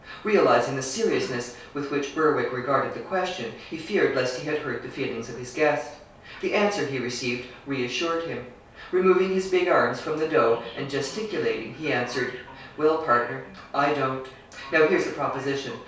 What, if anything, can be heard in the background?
A television.